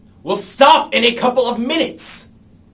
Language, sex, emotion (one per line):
English
male
angry